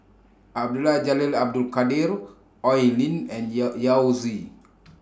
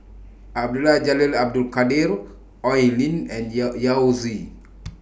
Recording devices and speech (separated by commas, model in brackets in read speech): standing microphone (AKG C214), boundary microphone (BM630), read sentence